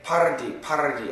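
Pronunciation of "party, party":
'Party' is said with a rolling R sound, which is the pronunciation to avoid.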